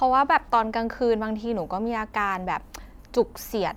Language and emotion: Thai, neutral